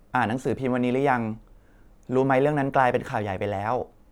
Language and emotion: Thai, neutral